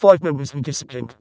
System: VC, vocoder